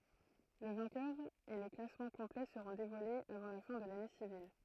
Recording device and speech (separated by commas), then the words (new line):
throat microphone, read sentence
Le vainqueur et le classement complet seront dévoilés avant la fin de l’année civile.